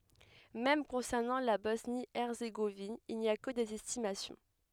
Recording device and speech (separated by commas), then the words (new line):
headset microphone, read sentence
Même concernant la Bosnie-Herzégovine il n’y a que des estimations.